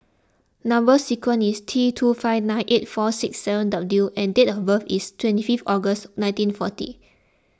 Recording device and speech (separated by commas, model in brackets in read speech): close-talking microphone (WH20), read sentence